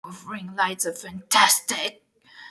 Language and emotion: English, angry